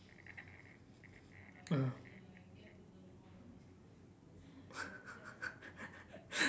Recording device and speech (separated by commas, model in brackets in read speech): standing microphone, conversation in separate rooms